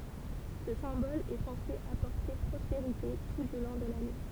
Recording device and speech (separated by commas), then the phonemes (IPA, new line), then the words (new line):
temple vibration pickup, read sentence
sə sɛ̃bɔl ɛ sɑ̃se apɔʁte pʁɔspeʁite tu dy lɔ̃ də lane
Ce symbole est censé apporter prospérité tout du long de l'année.